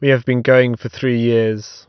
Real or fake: real